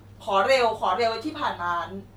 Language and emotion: Thai, frustrated